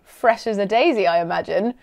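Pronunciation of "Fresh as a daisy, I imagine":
'Fresh as a daisy, I imagine' is said sarcastically.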